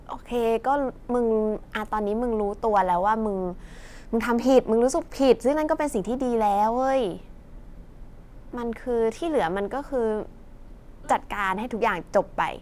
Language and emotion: Thai, frustrated